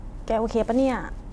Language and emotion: Thai, neutral